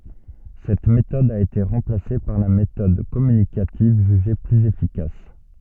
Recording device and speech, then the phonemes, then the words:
soft in-ear microphone, read sentence
sɛt metɔd a ete ʁɑ̃plase paʁ la metɔd kɔmynikativ ʒyʒe plyz efikas
Cette méthode a été remplacée par la méthode communicative jugée plus efficace.

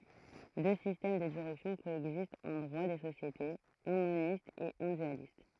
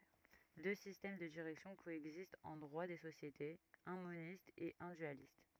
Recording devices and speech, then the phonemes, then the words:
throat microphone, rigid in-ear microphone, read sentence
dø sistɛm də diʁɛksjɔ̃ koɛɡzistt ɑ̃ dʁwa de sosjetez œ̃ monist e œ̃ dyalist
Deux systèmes de direction coexistent en droit des sociétés, un moniste et un dualiste.

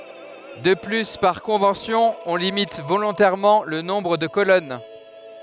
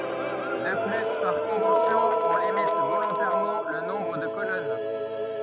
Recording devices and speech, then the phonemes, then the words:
headset microphone, rigid in-ear microphone, read sentence
də ply paʁ kɔ̃vɑ̃sjɔ̃ ɔ̃ limit volɔ̃tɛʁmɑ̃ lə nɔ̃bʁ də kolɔn
De plus par convention on limite volontairement le nombre de colonnes.

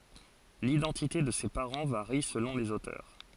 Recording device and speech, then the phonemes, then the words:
forehead accelerometer, read sentence
lidɑ̃tite də se paʁɑ̃ vaʁi səlɔ̃ lez otœʁ
L’identité de ses parents varie selon les auteurs.

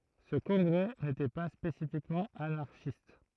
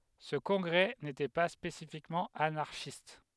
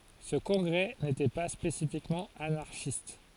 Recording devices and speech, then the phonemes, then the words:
throat microphone, headset microphone, forehead accelerometer, read sentence
sə kɔ̃ɡʁɛ netɛ pa spesifikmɑ̃ anaʁʃist
Ce congrès n'était pas spécifiquement anarchiste.

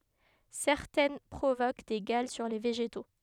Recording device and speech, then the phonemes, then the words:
headset microphone, read sentence
sɛʁtɛn pʁovok de ɡal syʁ le veʒeto
Certaines provoquent des galles sur les végétaux.

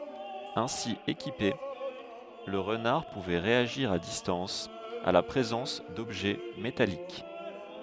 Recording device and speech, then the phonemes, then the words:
headset microphone, read sentence
ɛ̃si ekipe lə ʁənaʁ puvɛ ʁeaʒiʁ a distɑ̃s a la pʁezɑ̃s dɔbʒɛ metalik
Ainsi équipé, le renard pouvait réagir à distance à la présence d'objets métalliques.

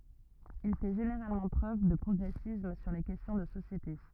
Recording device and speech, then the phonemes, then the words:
rigid in-ear microphone, read sentence
il fɛ ʒeneʁalmɑ̃ pʁøv də pʁɔɡʁɛsism syʁ le kɛstjɔ̃ də sosjete
Il fait généralement preuve de progressisme sur les questions de société.

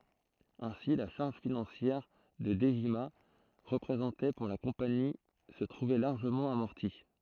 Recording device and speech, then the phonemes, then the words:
throat microphone, read sentence
ɛ̃si la ʃaʁʒ finɑ̃sjɛʁ kə dəʒima ʁəpʁezɑ̃tɛ puʁ la kɔ̃pani sə tʁuvɛ laʁʒəmɑ̃ amɔʁti
Ainsi, la charge financière que Dejima représentait pour la compagnie se trouvait largement amortie.

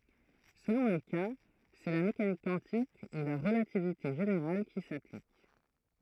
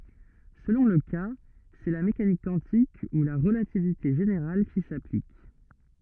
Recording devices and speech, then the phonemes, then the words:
throat microphone, rigid in-ear microphone, read sentence
səlɔ̃ lə ka sɛ la mekanik kwɑ̃tik u la ʁəlativite ʒeneʁal ki saplik
Selon le cas, c'est la mécanique quantique ou la relativité générale qui s'applique.

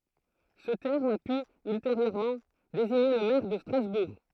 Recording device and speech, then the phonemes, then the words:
throat microphone, read sentence
sə tɛʁm a py ylteʁjøʁmɑ̃ deziɲe lə mɛʁ də stʁazbuʁ
Ce terme a pu ultérieurement désigner le maire de Strasbourg.

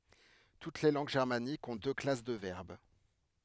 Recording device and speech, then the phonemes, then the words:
headset microphone, read sentence
tut le lɑ̃ɡ ʒɛʁmanikz ɔ̃ dø klas də vɛʁb
Toutes les langues germaniques ont deux classes de verbes.

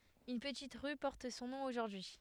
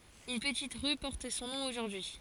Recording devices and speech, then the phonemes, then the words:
headset microphone, forehead accelerometer, read sentence
yn pətit ʁy pɔʁt sɔ̃ nɔ̃ oʒuʁdyi
Une petite rue porte son nom aujourd'hui.

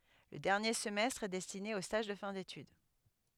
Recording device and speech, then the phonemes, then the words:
headset microphone, read sentence
lə dɛʁnje səmɛstʁ ɛ dɛstine o staʒ də fɛ̃ detyd
Le dernier semestre est destiné aux stages de fin d'étude.

